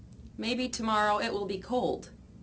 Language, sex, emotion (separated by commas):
English, female, neutral